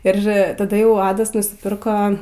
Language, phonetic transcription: Lithuanian, ir taˈda ˈjau ˈadas nusiˈpirko

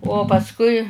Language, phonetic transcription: Lithuanian, o pasˈkui

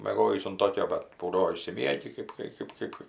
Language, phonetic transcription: Lithuanian, mėˈgojįs un ˈtokio bat ˈbūdavo išsiˈmiegi ˈkɜp kai ˈkɜp ˈkɜp

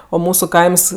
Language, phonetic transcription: Lithuanian, o ˈmūsu ˈkaims

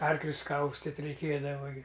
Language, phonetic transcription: Lithuanian, ˈarklius ˈkaustit' reiˈkėdava gi

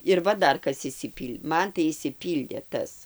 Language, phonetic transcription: Lithuanian, ir ˈva ˈdar ˈkas išsiˈpyl' ˈman tai išsiˈpyldė ˈtas

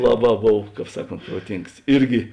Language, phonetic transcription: Lithuanian, ˈlaˌbā ˈbov ˈkāp ˈsaˌkont proˈtings ˈirgi

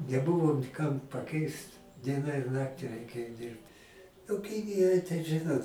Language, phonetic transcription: Lithuanian, neˈbuvo ni ˈkam paˈkeist ˈdiena ir ˈnakti reiˈkėjo ˈdyrbt nu ˈkinijoj tai ˈžɨnot

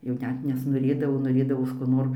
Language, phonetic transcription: Lithuanian, jau ˈnet nesnoˈrėdavo noˈrėdavos ko ˈnor

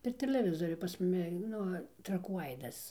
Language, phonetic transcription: Lithuanian, per teleˈvizoriu pas ˈmumi ˈnu traˈkų ˈaidas

